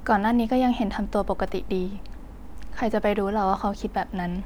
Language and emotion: Thai, sad